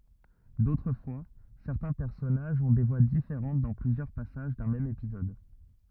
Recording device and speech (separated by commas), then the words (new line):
rigid in-ear microphone, read sentence
D'autres fois, certains personnages ont des voix différentes dans plusieurs passages d'un même épisode.